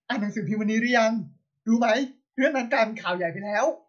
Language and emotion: Thai, happy